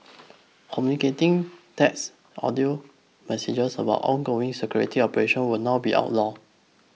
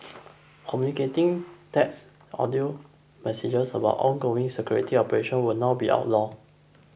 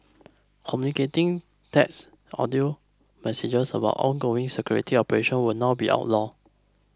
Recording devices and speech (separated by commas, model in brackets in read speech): mobile phone (iPhone 6), boundary microphone (BM630), close-talking microphone (WH20), read sentence